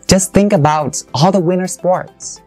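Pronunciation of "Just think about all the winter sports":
The whole phrase 'the winter sports' is stressed, and the intonation rises on it.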